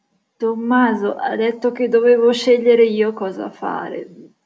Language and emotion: Italian, disgusted